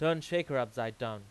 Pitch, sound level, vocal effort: 125 Hz, 95 dB SPL, loud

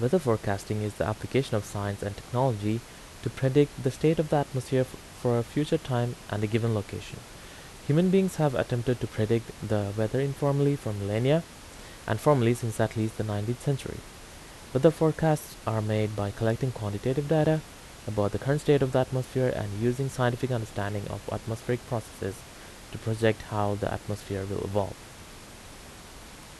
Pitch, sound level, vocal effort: 115 Hz, 80 dB SPL, normal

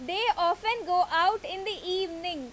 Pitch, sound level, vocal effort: 365 Hz, 93 dB SPL, very loud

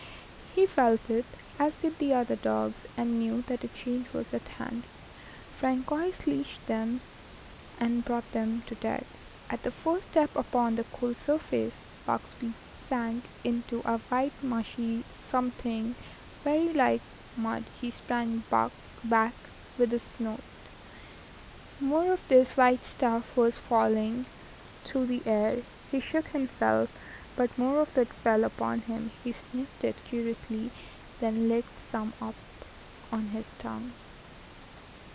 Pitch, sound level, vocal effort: 240 Hz, 78 dB SPL, soft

